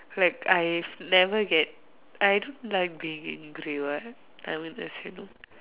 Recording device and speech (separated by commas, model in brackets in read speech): telephone, conversation in separate rooms